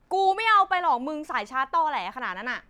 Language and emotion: Thai, angry